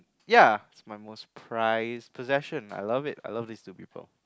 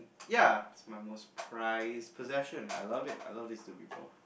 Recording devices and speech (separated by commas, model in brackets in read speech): close-talking microphone, boundary microphone, conversation in the same room